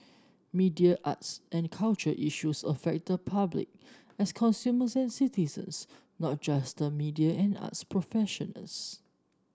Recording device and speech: standing microphone (AKG C214), read sentence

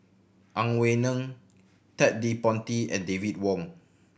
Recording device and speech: boundary microphone (BM630), read sentence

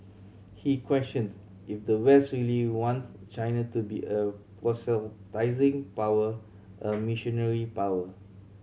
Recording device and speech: mobile phone (Samsung C7100), read sentence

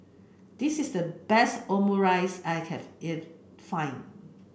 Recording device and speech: boundary microphone (BM630), read sentence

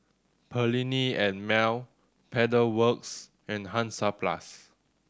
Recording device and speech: standing microphone (AKG C214), read sentence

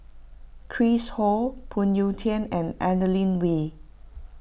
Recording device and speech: boundary microphone (BM630), read sentence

